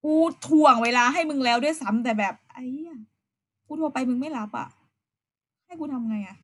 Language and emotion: Thai, frustrated